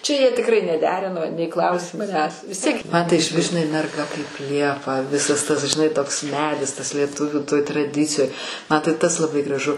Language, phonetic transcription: Lithuanian, ˈčia jie tikˈrai neˈderino nei ˈklausė maˈnęs vis ˈtiek man tai išˈvis žinai merˈga kaip ˈliepa ˈvisas tas žiˈnai toks ˈmedis tas lieˈtuvių toj traˈdicijoj ma tai ˈtas laˈbai graˈžu

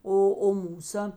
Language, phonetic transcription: Lithuanian, ˈo o ˈmūsa

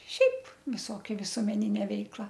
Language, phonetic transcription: Lithuanian, ˈšiaip viˈsokia visuomeˈnine ˈveikla

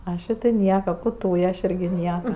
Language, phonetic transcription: Lithuanian, ˈašė ti ˈnieka ˈku ˈtūje aš ˈirgi ˈnieka

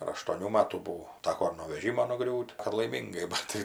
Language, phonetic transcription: Lithuanian, ar aštuoˈnių ˈmatų buˈvau ˈtako ir no veˈžymo nuˈgriūt' ar laiˈmyngai ˈbat tai

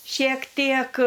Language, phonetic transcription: Lithuanian, šiek ˈtiek

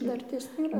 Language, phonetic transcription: Lithuanian, ˈdartės nėˈra

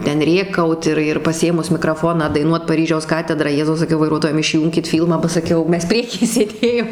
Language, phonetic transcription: Lithuanian, ˈten ˈrėkaut ir ir paˈsėmus mikraˈfoną daiˈnuot paˈryžiaus ˈkatedrą ˈjezau saˈkiau vaiˈruotojam išˈjūnkit ˈfylmą ba saˈkiau ˈmes ˈprieky sėˈdėjom

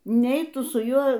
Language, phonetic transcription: Lithuanian, ˈnei ˈtu su ˈjuo

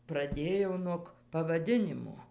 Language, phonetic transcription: Lithuanian, praˈdėjo nuog pavaˈdinimo

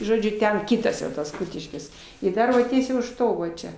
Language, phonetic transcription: Lithuanian, žoˈdžiu ˈten ˈkytas jau tas ˈkutiškis ir ˈdar va ˈtiesiai už ˈto va ˈčia

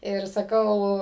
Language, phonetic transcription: Lithuanian, ir saˈkau

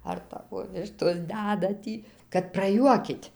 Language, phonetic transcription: Lithuanian, ar ˈtavo ˈvištos ˈdæda ˈtį kad praˈjuokit'

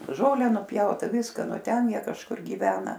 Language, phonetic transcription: Lithuanian, ˈžole nuˈpjauta ˈviska ˈnu ˈten ˈjie kažˈkur gyˈvena

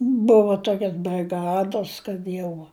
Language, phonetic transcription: Lithuanian, ˈbuvu ˈtokias briˈgados kad ˈjau

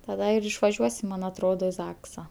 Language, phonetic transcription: Lithuanian, taˈda ir išvaˈžiuosim ˈman atˈrodo i ˈzaksa

